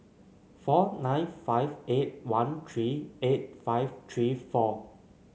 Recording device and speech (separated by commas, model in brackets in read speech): mobile phone (Samsung C9), read sentence